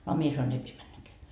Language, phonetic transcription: Finnish, a 'mie sanoi'n‿ » ei pie 'männäkeä .
- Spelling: a minä sanoin ei pidä mennäkään

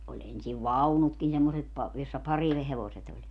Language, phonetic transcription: Finnish, oĺ ensiv "vaunutkin semmoset pa- , jossa 'parihevoset ‿oĺ .
- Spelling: oli ensin vaunutkin semmoiset - jossa parihevoset oli

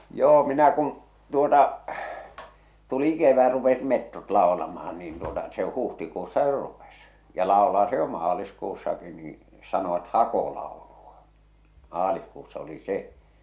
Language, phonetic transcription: Finnish, 'joo , 'minä kun̬ , 'tuota , tuli 'kevä rupesit 'mettot laolamahan niin tuota , se 'huhtikuussa jo 'rupes , ja làolaa se jo 'maaliskuussaki nii , sanoᵛᵃt "hakolàoluᴀ , maalihkuussa oli 'se .
- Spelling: joo minä kun tuota tuli kevät rupesivat metsot laulamaan niin tuota se huhtikuussa jo rupesi ja laulaa se jo maaliskuussakin niin sanovat hakolaulu maaliskuussa oli se

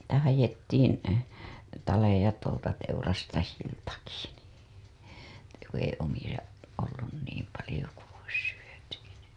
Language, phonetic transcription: Finnish, sitä hajettiin , taleja tuolta teurastajiltaki NII , että ku ‿ei omiʲa , ollun niim palĭjo ku ois syöty nin̬ ...
- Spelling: sitä haettiin taleja tuolta teurastajiltakin niin että kun ei omia ollut niin paljon kuin olisi syöty niin

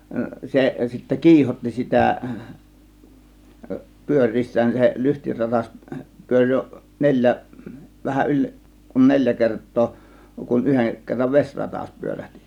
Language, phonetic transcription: Finnish, 'se sittä "kiihotti sitä , "pyöŕ̆riissään se 'lyhtiratas , 'pyöŕ jo "neĺjä , 'vähäˀ 'ˀyĺ , kun 'neĺjä 'kert̆too , kun "yheŋ 'kerrav "veśratas 'pyörähtI .
- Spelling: se sitten kiihotti sitä pyöriessään se lyhtiratas pyöri jo neljä vähän yli kun neljä kertaa kun yhden kerran vesiratas pyörähti

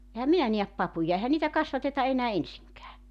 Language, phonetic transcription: Finnish, ehäm 'minä niäp 'papuja 'ehä niitä 'kasvateta 'enää "ensiŋkää .
- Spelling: enhän minä näe papuja eihän niitä kasvateta enää ensinkään

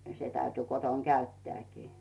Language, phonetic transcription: Finnish, se täyty 'koton "käytteä̀kii .
- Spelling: se täytyi kotona käyttääkin

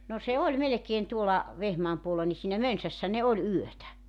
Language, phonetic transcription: Finnish, no se 'oĺ 'melekeen tuola , 'Vehmaam puolla ni siinä "Mönsässä ne oĺ 'yötä .
- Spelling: no se oli melkein tuolla Vehmaan puolella niin siinä Mönsässä ne oli yötä

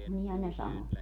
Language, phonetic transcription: Finnish, 'nihän ne 'sano .
- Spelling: niinhän ne sanoi

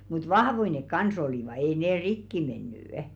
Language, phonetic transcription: Finnish, mut "vahvoi nek "kan's ‿olìva ei 'nee "rikki 'menny' .
- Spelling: mutta vahvoja ne kanssa olivat ei ne rikki mennyt

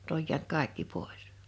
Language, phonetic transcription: Finnish, ⁿʸt ‿oj jiänt "kàḙkki 'pòis .
- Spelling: nyt on jäänyt kaikki pois

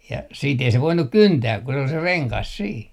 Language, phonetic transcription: Finnish, ja siit ei se 'voinuk "kyntää ku se ‿ol se "reŋkas 'sii .
- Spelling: ja sitten ei se voinut kyntää kun se oli se rengas siinä

